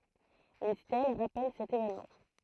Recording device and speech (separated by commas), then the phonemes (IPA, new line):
throat microphone, read sentence
yn stɛl ʁapɛl sɛt evɛnmɑ̃